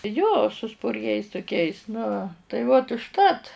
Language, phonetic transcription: Lithuanian, jo su spurˈgiais tuˈkiais nu tai ˈvot užˈtat

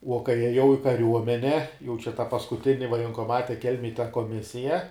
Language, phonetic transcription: Lithuanian, uo kai ˈjiejau i kaˈriuomene jau čia ta paskuˈtini vajenkoˈmate ˈkelmėj ta koˈmisija

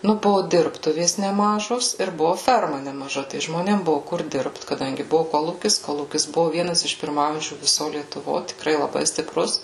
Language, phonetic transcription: Lithuanian, nu ˈbuvu ˈdirbtuvės neˈmažos ir ˈbuvu ˈferma nemaˈža tai žmoˈnėm ˈbuvu kur ˈdirbt kaˈdangi ˈbuvu ˈkolūkis ˈkolūkis ˈbuvu ˈvienas iš pirˈmaujančių viˈso lietuˈvo tikˈrai laˈbai stiˈprus

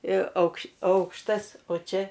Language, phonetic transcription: Lithuanian, ir aukš ˈaukštas o ˈčia

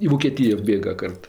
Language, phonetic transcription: Lithuanian, i voˈkėtija ˈbėga ˈkart

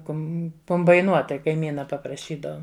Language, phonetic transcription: Lithuanian, ˈkum kumbaiˈnuot tai kaiˈmyna papraˈšydaum

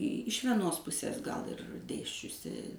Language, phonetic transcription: Lithuanian, iš vieˈnos ˈpusės gal ir ˈdėsčiusi

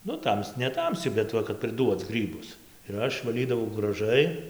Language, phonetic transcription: Lithuanian, ˈnu ˈtams neˈtamsi bet ˈva kad priˈduoc ˈgrybus ir ˈaš vaˈlydavau graˈžai

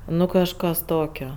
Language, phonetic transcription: Lithuanian, ˈnu kažˈkas ˈtokio

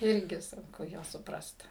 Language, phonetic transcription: Lithuanian, ˈirgi sunˈku ˈjuos suˈprast

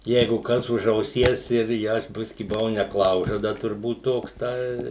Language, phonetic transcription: Lithuanian, ˈjeigu ˈkas už auˈsies ir ˈje i ˈaš ˈbiski buˈvau neˈklaužada turˈbūt ˈtoks ˈtai

